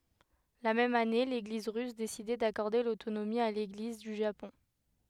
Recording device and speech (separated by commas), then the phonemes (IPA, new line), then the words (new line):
headset microphone, read sentence
la mɛm ane leɡliz ʁys desidɛ dakɔʁde lotonomi a leɡliz dy ʒapɔ̃
La même année, l'Église russe décidait d'accorder l'autonomie à l'Église du Japon.